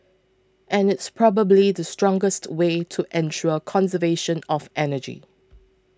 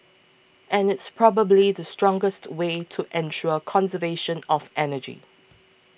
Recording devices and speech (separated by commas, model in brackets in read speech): close-talking microphone (WH20), boundary microphone (BM630), read sentence